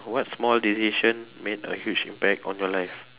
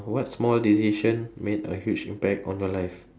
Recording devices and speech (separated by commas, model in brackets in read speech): telephone, standing microphone, conversation in separate rooms